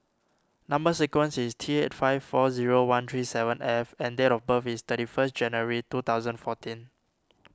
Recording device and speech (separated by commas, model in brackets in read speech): standing microphone (AKG C214), read sentence